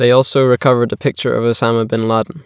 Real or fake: real